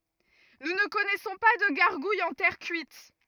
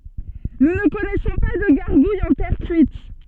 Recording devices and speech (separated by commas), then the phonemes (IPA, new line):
rigid in-ear microphone, soft in-ear microphone, read sentence
nu nə kɔnɛsɔ̃ pa də ɡaʁɡujz ɑ̃ tɛʁ kyit